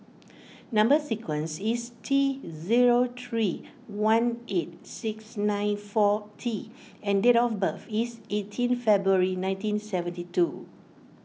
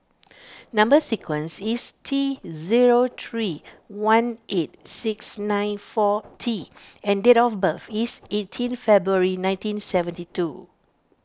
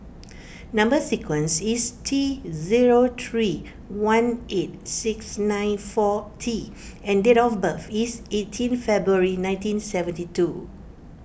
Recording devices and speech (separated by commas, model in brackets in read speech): mobile phone (iPhone 6), standing microphone (AKG C214), boundary microphone (BM630), read sentence